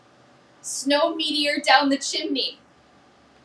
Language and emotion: English, sad